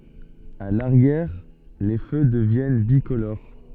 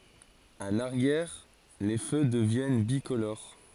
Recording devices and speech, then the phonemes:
soft in-ear microphone, forehead accelerometer, read sentence
a laʁjɛʁ le fø dəvjɛn bikoloʁ

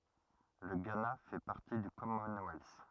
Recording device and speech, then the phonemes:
rigid in-ear microphone, read sentence
lə ɡana fɛ paʁti dy kɔmɔnwɛls

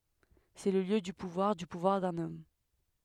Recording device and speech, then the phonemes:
headset microphone, read sentence
sɛ lə ljø dy puvwaʁ dy puvwaʁ dœ̃n ɔm

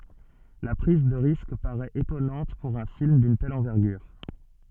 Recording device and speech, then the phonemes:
soft in-ear microphone, read sentence
la pʁiz də ʁisk paʁɛt etɔnɑ̃t puʁ œ̃ film dyn tɛl ɑ̃vɛʁɡyʁ

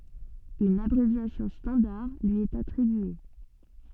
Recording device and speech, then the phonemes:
soft in-ear microphone, read sentence
yn abʁevjasjɔ̃ stɑ̃daʁ lyi ɛt atʁibye

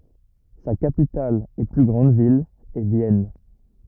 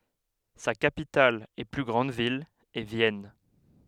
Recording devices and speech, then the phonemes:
rigid in-ear microphone, headset microphone, read sentence
sa kapital e ply ɡʁɑ̃d vil ɛ vjɛn

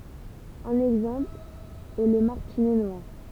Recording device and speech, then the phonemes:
temple vibration pickup, read sentence
œ̃n ɛɡzɑ̃pl ɛ lə maʁtinɛ nwaʁ

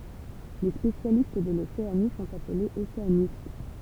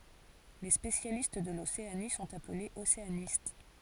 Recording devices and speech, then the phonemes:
temple vibration pickup, forehead accelerometer, read sentence
le spesjalist də loseani sɔ̃t aplez oseanist

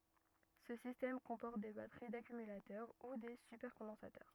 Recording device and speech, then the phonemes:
rigid in-ear microphone, read sentence
sə sistɛm kɔ̃pɔʁt de batəʁi dakymylatœʁ u de sypɛʁkɔ̃dɑ̃satœʁ

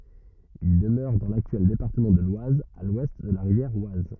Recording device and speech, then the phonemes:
rigid in-ear microphone, read sentence
il dəmøʁɛ dɑ̃ laktyɛl depaʁtəmɑ̃ də lwaz a lwɛst də la ʁivjɛʁ waz

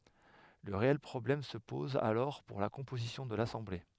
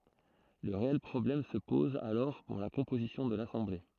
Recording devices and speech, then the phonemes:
headset microphone, throat microphone, read sentence
lə ʁeɛl pʁɔblɛm sə pɔz alɔʁ puʁ la kɔ̃pozisjɔ̃ də lasɑ̃ble

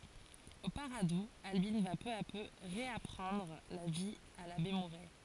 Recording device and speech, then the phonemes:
forehead accelerometer, read sentence
o paʁadu albin va pø a pø ʁeapʁɑ̃dʁ la vi a labe muʁɛ

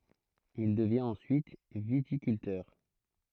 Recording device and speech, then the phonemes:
throat microphone, read sentence
il dəvjɛ̃t ɑ̃syit vitikyltœʁ

